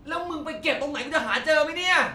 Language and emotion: Thai, angry